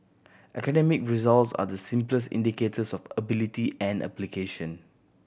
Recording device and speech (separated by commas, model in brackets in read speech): boundary microphone (BM630), read sentence